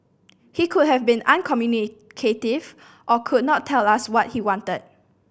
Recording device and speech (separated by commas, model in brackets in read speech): boundary microphone (BM630), read sentence